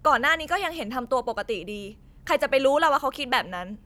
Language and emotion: Thai, frustrated